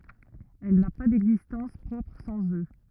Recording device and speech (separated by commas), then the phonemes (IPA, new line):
rigid in-ear microphone, read sentence
ɛl na pa dɛɡzistɑ̃s pʁɔpʁ sɑ̃z ø